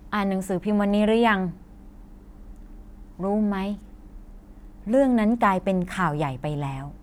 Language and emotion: Thai, frustrated